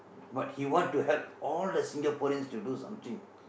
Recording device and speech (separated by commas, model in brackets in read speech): boundary microphone, conversation in the same room